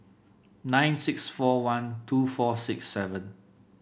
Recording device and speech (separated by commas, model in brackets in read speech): boundary microphone (BM630), read sentence